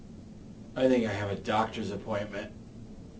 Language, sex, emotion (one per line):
English
male
neutral